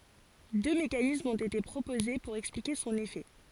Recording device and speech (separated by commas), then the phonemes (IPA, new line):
forehead accelerometer, read sentence
dø mekanismz ɔ̃t ete pʁopoze puʁ ɛksplike sɔ̃n efɛ